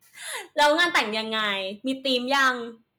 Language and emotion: Thai, happy